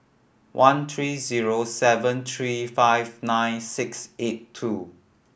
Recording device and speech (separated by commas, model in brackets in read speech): boundary microphone (BM630), read sentence